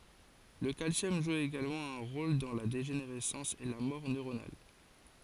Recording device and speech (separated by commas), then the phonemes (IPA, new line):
forehead accelerometer, read sentence
lə kalsjɔm ʒu eɡalmɑ̃ œ̃ ʁol dɑ̃ la deʒeneʁɛsɑ̃s e la mɔʁ nøʁonal